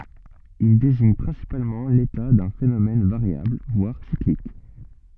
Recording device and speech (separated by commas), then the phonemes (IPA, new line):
soft in-ear microphone, read sentence
il deziɲ pʁɛ̃sipalmɑ̃ leta dœ̃ fenomɛn vaʁjabl vwaʁ siklik